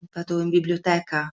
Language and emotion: Italian, fearful